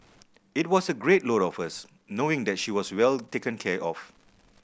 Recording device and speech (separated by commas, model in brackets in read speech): boundary microphone (BM630), read sentence